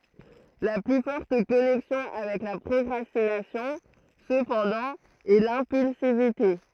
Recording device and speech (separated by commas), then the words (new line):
throat microphone, read sentence
La plus forte connexion avec la procrastination, cependant, est l'impulsivité.